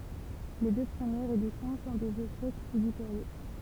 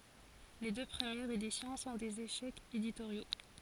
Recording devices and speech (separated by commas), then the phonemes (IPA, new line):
temple vibration pickup, forehead accelerometer, read sentence
le dø pʁəmjɛʁz edisjɔ̃ sɔ̃ dez eʃɛkz editoʁjo